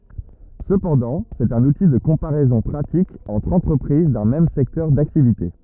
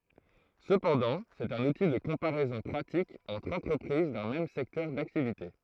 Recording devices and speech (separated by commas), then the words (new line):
rigid in-ear microphone, throat microphone, read sentence
Cependant, c'est un outil de comparaison pratique entre entreprises d'un même secteur d'activité.